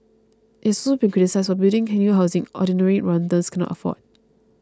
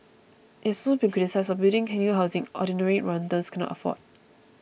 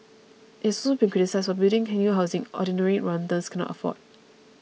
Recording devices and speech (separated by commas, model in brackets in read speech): close-talking microphone (WH20), boundary microphone (BM630), mobile phone (iPhone 6), read sentence